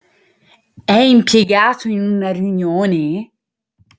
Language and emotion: Italian, surprised